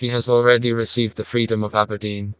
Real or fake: fake